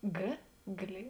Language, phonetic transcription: Lithuanian, ˈgė glė

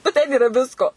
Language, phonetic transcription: Lithuanian, nu ˈten yˈra ˈvisko

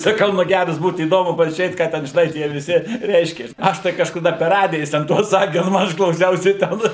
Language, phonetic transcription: Lithuanian, saˈkau ˈnu ˈgæras ˈbūt įˈdomu pažiūˈrėt ˈką ˈten žiˈnai ˈtie viˈsi ˈreiškias ˈaš tai kažkaˈda per ˈradija ˈjis ten ˈtuos ˈsaki nu ˈaš klauˈsiausi ˈten

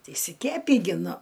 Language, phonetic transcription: Lithuanian, ti išsiˈkepį gi ˈnu

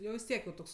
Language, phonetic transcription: Lithuanian, ˈjau vis ˈtiek jau ˈtoks

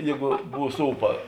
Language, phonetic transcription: Lithuanian, ˈjėgu ˈbūs ˈūpa

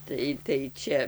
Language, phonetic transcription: Lithuanian, ˈtai tai ˈčia

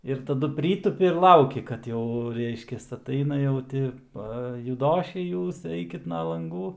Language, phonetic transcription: Lithuanian, ir taˈdu ˈprytupi ir ˈlauki kad ˈjau ˈreiškias aˈtaina jau ˈti ˈpa juˈdošiai ˈjūs ˈeikit ˈna lanˈgų

